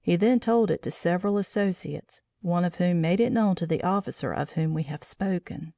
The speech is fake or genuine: genuine